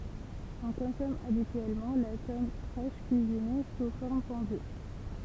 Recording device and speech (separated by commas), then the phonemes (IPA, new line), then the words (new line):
temple vibration pickup, read sentence
ɔ̃ kɔ̃sɔm abityɛlmɑ̃ la tɔm fʁɛʃ kyizine su fɔʁm fɔ̃dy
On consomme habituellement la tome fraîche cuisinée sous forme fondue.